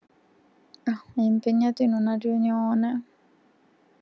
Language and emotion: Italian, sad